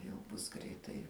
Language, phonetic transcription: Lithuanian, jau ˈbus ˈgreitai

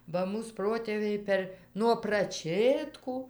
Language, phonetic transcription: Lithuanian, ˈba ˈmūs ˈprotėviai ˈper nuo praˈčėtkų

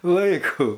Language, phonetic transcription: Lithuanian, ˈlaiku

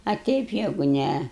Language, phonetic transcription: Lithuanian, a ˈteip ˈjegu ˈne

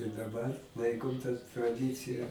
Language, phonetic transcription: Lithuanian, i daˈbar ˈlaikom ta traˈdicija

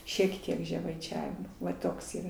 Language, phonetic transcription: Lithuanian, šiek ˈtiek žemaiˈčiavimo va ˈtoks yˈra

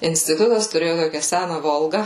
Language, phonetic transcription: Lithuanian, instiˈtutas tuˈrėju ˈtokia ˈsæna ˈvolga

